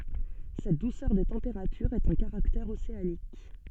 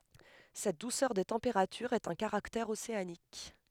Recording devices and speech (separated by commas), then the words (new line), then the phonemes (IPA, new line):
soft in-ear microphone, headset microphone, read sentence
Cette douceur des températures est un caractère océanique.
sɛt dusœʁ de tɑ̃peʁatyʁz ɛt œ̃ kaʁaktɛʁ oseanik